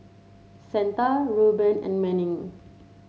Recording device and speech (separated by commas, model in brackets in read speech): mobile phone (Samsung C7), read sentence